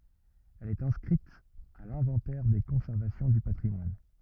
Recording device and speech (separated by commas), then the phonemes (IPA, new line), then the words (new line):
rigid in-ear microphone, read sentence
ɛl ɛt ɛ̃skʁit a lɛ̃vɑ̃tɛʁ de kɔ̃sɛʁvasjɔ̃ dy patʁimwan
Elle est inscrite à l'inventaire des conservations du patrimoine.